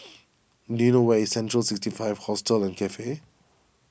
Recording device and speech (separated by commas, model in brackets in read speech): boundary microphone (BM630), read sentence